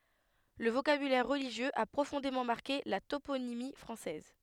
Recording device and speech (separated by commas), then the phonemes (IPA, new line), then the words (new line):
headset microphone, read sentence
lə vokabylɛʁ ʁəliʒjøz a pʁofɔ̃demɑ̃ maʁke la toponimi fʁɑ̃sɛz
Le vocabulaire religieux a profondément marqué la toponymie française.